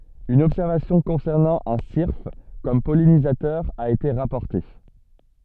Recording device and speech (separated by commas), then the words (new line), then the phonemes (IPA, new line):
soft in-ear microphone, read sentence
Une observation concernant un syrphe comme pollinisateur a été rapportée.
yn ɔbsɛʁvasjɔ̃ kɔ̃sɛʁnɑ̃ œ̃ siʁf kɔm pɔlinizatœʁ a ete ʁapɔʁte